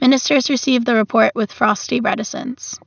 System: none